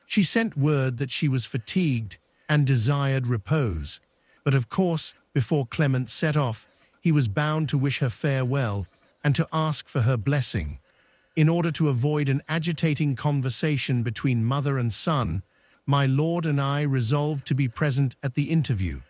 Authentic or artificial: artificial